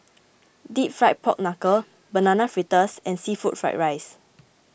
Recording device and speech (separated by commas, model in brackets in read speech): boundary microphone (BM630), read sentence